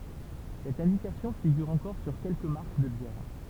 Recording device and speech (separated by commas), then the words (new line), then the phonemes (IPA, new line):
temple vibration pickup, read sentence
Cette indication figure encore sur quelques marques de bières.
sɛt ɛ̃dikasjɔ̃ fiɡyʁ ɑ̃kɔʁ syʁ kɛlkə maʁk də bjɛʁ